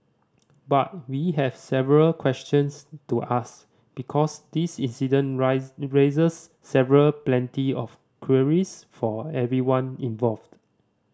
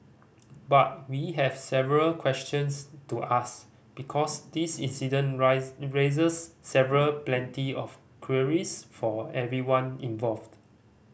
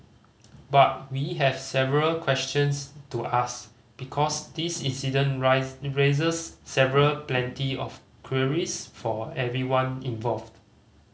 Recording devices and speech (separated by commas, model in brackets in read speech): standing microphone (AKG C214), boundary microphone (BM630), mobile phone (Samsung C5010), read sentence